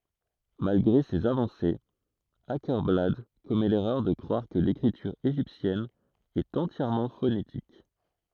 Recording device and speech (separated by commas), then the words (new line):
throat microphone, read sentence
Malgré ses avancées, Åkerblad commet l'erreur de croire que l'écriture égyptienne est entièrement phonétique.